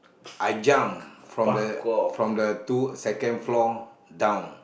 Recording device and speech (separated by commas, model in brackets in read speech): boundary microphone, conversation in the same room